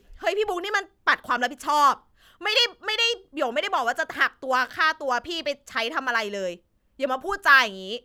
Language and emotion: Thai, angry